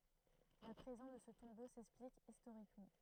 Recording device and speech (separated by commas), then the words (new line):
throat microphone, read sentence
La présence de ce tombeau s'explique historiquement.